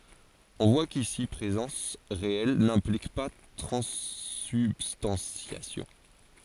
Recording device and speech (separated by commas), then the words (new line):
forehead accelerometer, read sentence
On voit qu'ici présence réelle n'implique pas transsubstantiation.